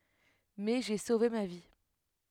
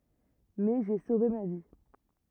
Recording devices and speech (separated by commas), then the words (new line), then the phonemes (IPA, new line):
headset microphone, rigid in-ear microphone, read sentence
Mais j'ai sauvé ma vie.
mɛ ʒe sove ma vi